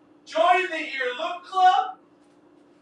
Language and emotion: English, fearful